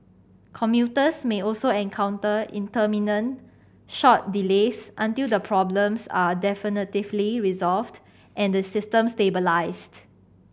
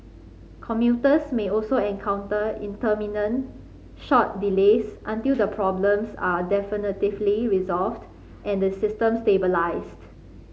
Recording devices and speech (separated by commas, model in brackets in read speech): boundary microphone (BM630), mobile phone (Samsung C5010), read sentence